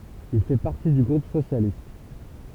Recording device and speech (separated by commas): temple vibration pickup, read sentence